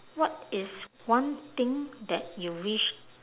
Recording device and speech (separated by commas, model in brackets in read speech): telephone, conversation in separate rooms